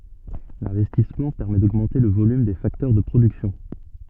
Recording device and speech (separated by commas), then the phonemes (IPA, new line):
soft in-ear microphone, read sentence
lɛ̃vɛstismɑ̃ pɛʁmɛ doɡmɑ̃te lə volym de faktœʁ də pʁodyksjɔ̃